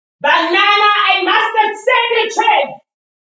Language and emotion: English, angry